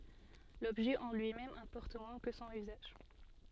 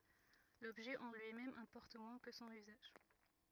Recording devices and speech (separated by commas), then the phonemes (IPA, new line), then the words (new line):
soft in-ear microphone, rigid in-ear microphone, read sentence
lɔbʒɛ ɑ̃ lyimɛm ɛ̃pɔʁt mwɛ̃ kə sɔ̃n yzaʒ
L'objet en lui-même importe moins que son usage.